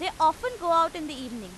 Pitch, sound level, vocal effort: 325 Hz, 97 dB SPL, very loud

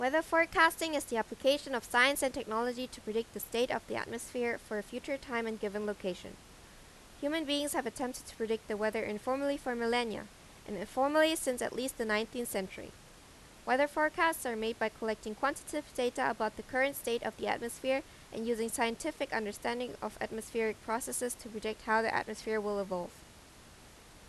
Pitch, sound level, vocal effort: 240 Hz, 87 dB SPL, loud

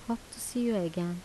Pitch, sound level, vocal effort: 230 Hz, 79 dB SPL, soft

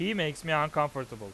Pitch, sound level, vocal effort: 150 Hz, 94 dB SPL, loud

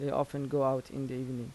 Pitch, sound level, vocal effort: 135 Hz, 83 dB SPL, soft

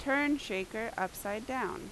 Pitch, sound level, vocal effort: 225 Hz, 86 dB SPL, very loud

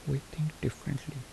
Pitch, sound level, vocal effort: 145 Hz, 68 dB SPL, soft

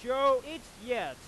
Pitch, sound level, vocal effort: 260 Hz, 108 dB SPL, very loud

